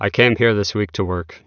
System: none